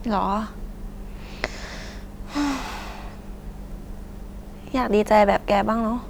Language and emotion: Thai, frustrated